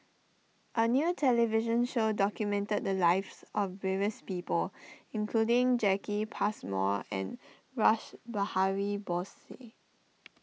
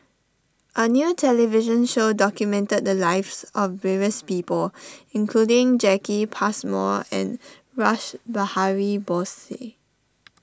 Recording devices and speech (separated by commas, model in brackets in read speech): mobile phone (iPhone 6), standing microphone (AKG C214), read sentence